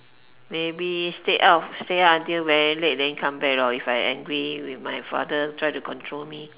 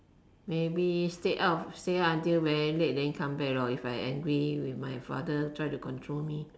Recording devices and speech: telephone, standing microphone, conversation in separate rooms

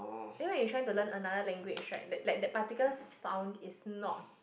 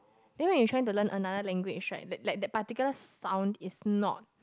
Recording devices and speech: boundary microphone, close-talking microphone, conversation in the same room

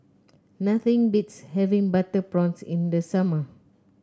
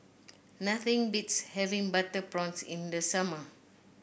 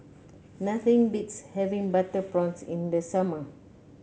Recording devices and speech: close-talking microphone (WH30), boundary microphone (BM630), mobile phone (Samsung C9), read sentence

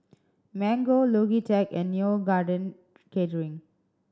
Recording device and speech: standing microphone (AKG C214), read sentence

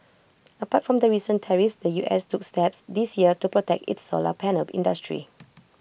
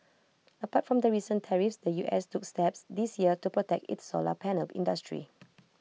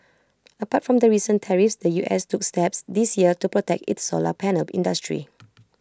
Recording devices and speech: boundary microphone (BM630), mobile phone (iPhone 6), close-talking microphone (WH20), read sentence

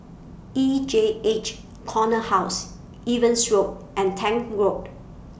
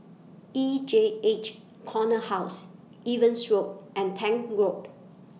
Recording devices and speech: boundary microphone (BM630), mobile phone (iPhone 6), read sentence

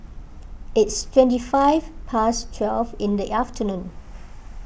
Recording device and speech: boundary microphone (BM630), read sentence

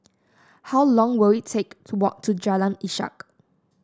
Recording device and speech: standing microphone (AKG C214), read sentence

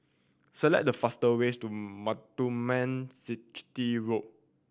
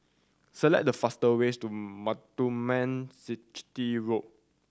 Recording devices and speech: boundary microphone (BM630), standing microphone (AKG C214), read sentence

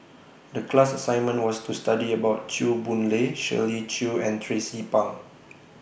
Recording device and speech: boundary microphone (BM630), read sentence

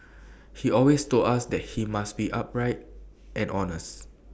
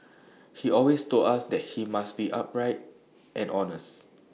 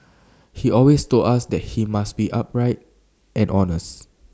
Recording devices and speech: boundary microphone (BM630), mobile phone (iPhone 6), standing microphone (AKG C214), read sentence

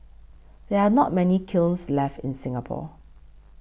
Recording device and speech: boundary microphone (BM630), read sentence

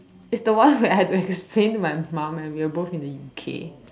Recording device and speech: standing microphone, conversation in separate rooms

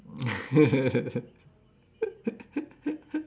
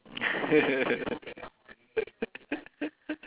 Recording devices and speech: standing microphone, telephone, conversation in separate rooms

